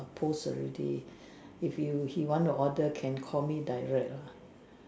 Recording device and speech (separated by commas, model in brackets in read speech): standing microphone, conversation in separate rooms